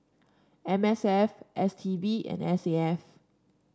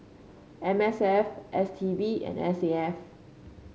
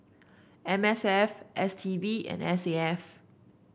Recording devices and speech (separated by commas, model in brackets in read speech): standing microphone (AKG C214), mobile phone (Samsung C5), boundary microphone (BM630), read sentence